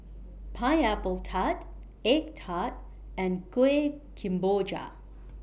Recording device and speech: boundary microphone (BM630), read sentence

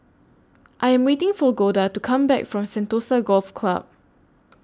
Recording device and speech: standing microphone (AKG C214), read sentence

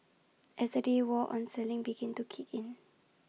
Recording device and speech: mobile phone (iPhone 6), read sentence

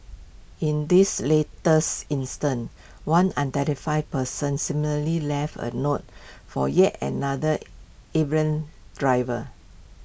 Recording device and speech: boundary microphone (BM630), read sentence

